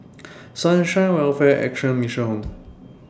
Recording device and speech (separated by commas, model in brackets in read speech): standing microphone (AKG C214), read sentence